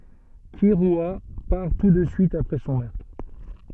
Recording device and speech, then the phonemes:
soft in-ear microphone, read sentence
kiʁya paʁ tu də syit apʁɛ sɔ̃ mœʁtʁ

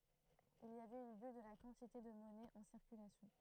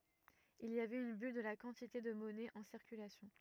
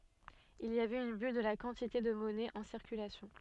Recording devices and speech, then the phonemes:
throat microphone, rigid in-ear microphone, soft in-ear microphone, read sentence
il i avɛt yn byl də la kɑ̃tite də mɔnɛ ɑ̃ siʁkylasjɔ̃

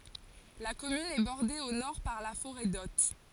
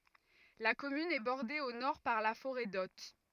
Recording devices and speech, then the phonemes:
forehead accelerometer, rigid in-ear microphone, read sentence
la kɔmyn ɛ bɔʁde o nɔʁ paʁ la foʁɛ dɔt

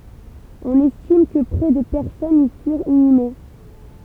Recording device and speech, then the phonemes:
temple vibration pickup, read sentence
ɔ̃n ɛstim kə pʁɛ də pɛʁsɔnz i fyʁt inyme

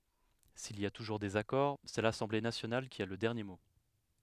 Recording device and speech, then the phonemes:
headset microphone, read sentence
sil i a tuʒuʁ dezakɔʁ sɛ lasɑ̃ble nasjonal ki a lə dɛʁnje mo

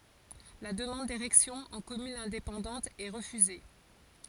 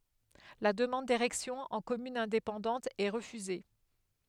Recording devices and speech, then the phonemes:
forehead accelerometer, headset microphone, read sentence
la dəmɑ̃d deʁɛksjɔ̃ ɑ̃ kɔmyn ɛ̃depɑ̃dɑ̃t ɛ ʁəfyze

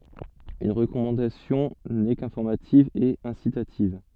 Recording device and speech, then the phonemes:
soft in-ear microphone, read sentence
yn ʁəkɔmɑ̃dasjɔ̃ nɛ kɛ̃fɔʁmativ e ɛ̃sitativ

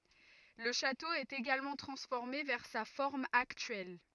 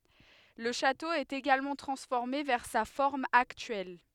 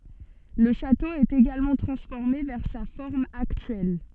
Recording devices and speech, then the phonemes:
rigid in-ear microphone, headset microphone, soft in-ear microphone, read sentence
lə ʃato ɛt eɡalmɑ̃ tʁɑ̃sfɔʁme vɛʁ sa fɔʁm aktyɛl

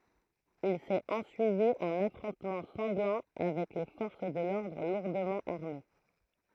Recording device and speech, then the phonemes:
throat microphone, read sentence
il sɛt ɑ̃syivi œ̃n afʁɔ̃tmɑ̃ sɑ̃ɡlɑ̃ avɛk le fɔʁs də lɔʁdʁ luʁdəmɑ̃ aʁme

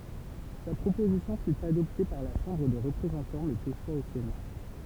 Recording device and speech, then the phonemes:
temple vibration pickup, read sentence
sa pʁopozisjɔ̃ fy adɔpte paʁ la ʃɑ̃bʁ de ʁəpʁezɑ̃tɑ̃ mɛz eʃwa o sena

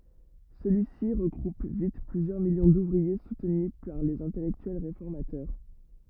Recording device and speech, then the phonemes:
rigid in-ear microphone, read sentence
səlyi si ʁəɡʁup vit plyzjœʁ miljɔ̃ duvʁie sutny paʁ lez ɛ̃tɛlɛktyɛl ʁefɔʁmatœʁ

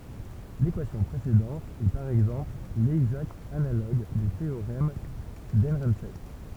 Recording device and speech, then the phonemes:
temple vibration pickup, read sentence
lekwasjɔ̃ pʁesedɑ̃t ɛ paʁ ɛɡzɑ̃pl lɛɡzakt analoɡ dy teoʁɛm dəʁɑ̃fɛst

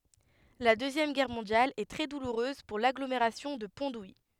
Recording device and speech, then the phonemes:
headset microphone, read sentence
la døzjɛm ɡɛʁ mɔ̃djal ɛ tʁɛ duluʁøz puʁ laɡlomeʁasjɔ̃ də pɔ̃ duji

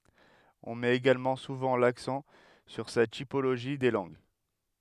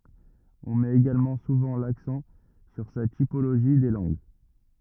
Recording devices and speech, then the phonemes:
headset microphone, rigid in-ear microphone, read sentence
ɔ̃ mɛt eɡalmɑ̃ suvɑ̃ laksɑ̃ syʁ sa tipoloʒi de lɑ̃ɡ

